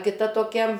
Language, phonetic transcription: Lithuanian, kiˈta toˈkia

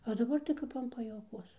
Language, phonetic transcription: Lithuanian, o daˈbar tai ˈkap an pajuoˈkuos

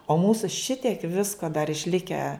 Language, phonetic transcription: Lithuanian, o ˈmūsu ˈšitiek ˈvisko dar išˈlikę

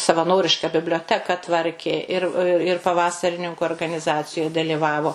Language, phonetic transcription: Lithuanian, savaˈnoriška biblioˈteka ˈtvarkė ˈir ir paˈvasarininku organiˈzacijoj daliˈvavo

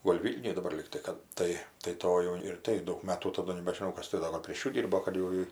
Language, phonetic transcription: Lithuanian, gol' ˈvylniuj daˈbar ˈlygtai kad ˈtai tai ˈtoj jau ir ˈtai ˈdaug ˈmatų taˈdu nebežiˈnau ˈkas ti ˈdo gal prėš ˈjų ˈdyrbo kad jau ˈji

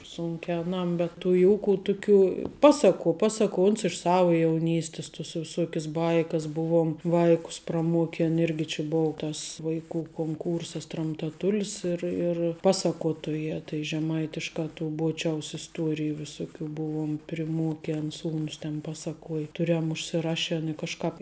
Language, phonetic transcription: Lithuanian, ˈsūnke aˈnam bet tų ˈjūku ˈtuˌkių ˈpasaˌkuo ˈpasaˌkuo ons iš ˈsavu jauˈnystis tus viˈsuokis ˈbaikas ˈbuvom ˈvaikus praˈmuokin ˈirgi či ˈbou tas vaiˈkų konˈkūrsas tramtaˈtulis ir ir ˈpasakotojā tai žeˈmaitiškā tų ˈbuočiaus isˈtuoriju viˈsuˌkių ˈbuvuom priˈmuoken ˈsūnus ten ˈpasakuoj ˈturem užsiˈraˌšen i kažˈkāp

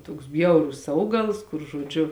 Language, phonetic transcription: Lithuanian, toks ˈbjaurus ˈaugals kur žoˈdžiu

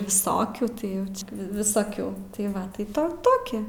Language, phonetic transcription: Lithuanian, viˈsokių tai ˈjauč visaˈkių tai ˈva tai ˈto ˈtoki

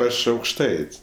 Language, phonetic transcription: Lithuanian, ˈaš aukšˈtaits'

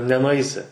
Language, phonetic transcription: Lithuanian, nenuˈaisi

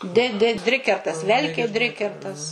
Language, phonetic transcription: Lithuanian, di di ˈdrikertas ˈvelkė ˈdrikertas

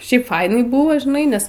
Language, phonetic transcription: Lithuanian, ˈšiaip ˈfainai ˈbuvo žiˈnai ˈnes

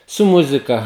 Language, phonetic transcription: Lithuanian, su ˈmuzika

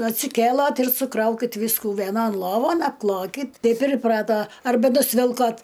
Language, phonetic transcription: Lithuanian, atsiˈkėlat ir suˈkraukit ˈvysku vieˈnon ˈlovon apˈklokit ˈtaip ir iˈprato arˈba nusˈvilkot

